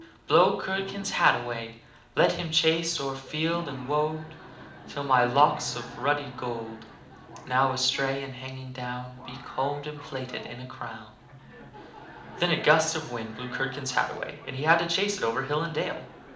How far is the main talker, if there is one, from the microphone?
2.0 m.